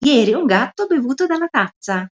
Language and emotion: Italian, happy